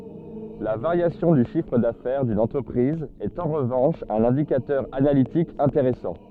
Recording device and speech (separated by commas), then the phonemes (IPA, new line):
soft in-ear microphone, read sentence
la vaʁjasjɔ̃ dy ʃifʁ dafɛʁ dyn ɑ̃tʁəpʁiz ɛt ɑ̃ ʁəvɑ̃ʃ œ̃n ɛ̃dikatœʁ analitik ɛ̃teʁɛsɑ̃